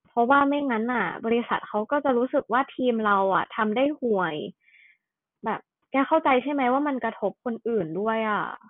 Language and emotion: Thai, frustrated